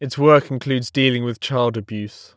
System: none